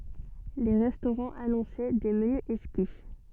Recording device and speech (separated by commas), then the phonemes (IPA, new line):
soft in-ear microphone, read sentence
le ʁɛstoʁɑ̃z anɔ̃sɛ de məny ɛkski